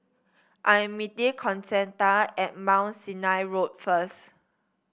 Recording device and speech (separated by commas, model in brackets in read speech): boundary microphone (BM630), read sentence